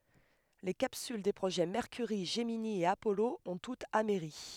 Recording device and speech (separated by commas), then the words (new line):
headset microphone, read sentence
Les capsules des projets Mercury, Gemini et Apollo ont toutes amerri.